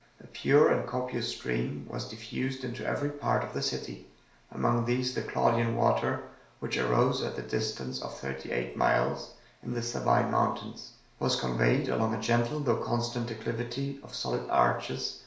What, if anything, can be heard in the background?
Nothing.